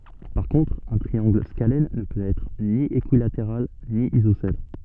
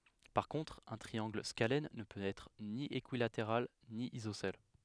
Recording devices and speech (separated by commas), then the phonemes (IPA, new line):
soft in-ear microphone, headset microphone, read sentence
paʁ kɔ̃tʁ œ̃ tʁiɑ̃ɡl skalɛn nə pøt ɛtʁ ni ekyilateʁal ni izosɛl